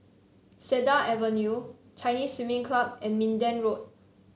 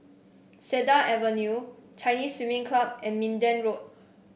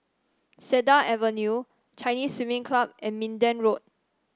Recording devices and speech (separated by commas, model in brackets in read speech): mobile phone (Samsung C7), boundary microphone (BM630), standing microphone (AKG C214), read sentence